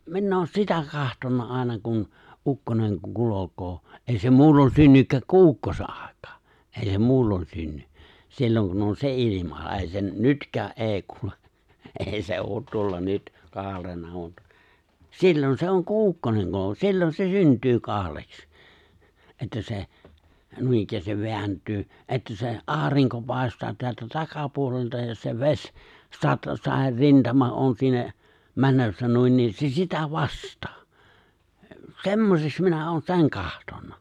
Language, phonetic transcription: Finnish, 'minn ‿oon "sitä 'kahtonna '’àena kun , 'ukkoneŋ 'kulokoo , '’èi̬ se 'muullon "synnykkääk ku "’ukkose '’ᴀ̀ᴇᴋ̀ᴀᴀ , '’èi̬ se "muullon 'synny , 'silloŋ kun on "se '’ilima , 'è̬i se , "nytkää "’e̬e̬ⁱ 'kule , '’è̬i se '’oot tuolla "nyt , 'kaarena mut , 'sillon se 'oŋ ku "ukkone on 'sillon se 'synt̀yy 'kaaleks '’että se , 'nuinikkäästiv 'veänt̀yy , '’e̬ttä se , "’aariŋko 'pài̬staa teältä 'takapuolelta ja se 've̬s , 'sat- 'sàer"rintama on 'siinä , 'mänössä 'nuin niin se 'sitä "vast̀ᴀᴀ , "semmoseks 'minä 'oon "se̬ŋ 'kahtonna .
- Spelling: minä olen sitä katsonut aina kun ukkonen kulkee ei se muulloin synnykään kuin ukkosen aikaan ei se muulloin synny silloin kun on se ilma ei se nytkään ei kulje ei se ole tuolla nyt kaarena mutta silloin se on kun ukkonen on silloin se syntyy kaareksi että se noinikään vääntyy että se aurinko paistaa täältä takapuolelta ja se vesi - saderintama on siinä menossa niin niin se sitä vasten semmoiseksi minä olen sen katsonut

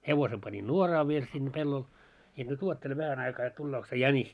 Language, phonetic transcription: Finnish, 'hevose pani "nuoraa viel sinne 'pellol , ja nyt 'uottele 'vähän aikaa jot 'tullook se "jänis .
- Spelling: hevosen pani nuoraan vielä sinne pellolle ja nyt odottele vähän aikaa jotta tulee se jänis

